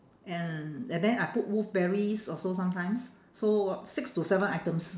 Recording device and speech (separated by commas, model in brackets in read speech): standing microphone, conversation in separate rooms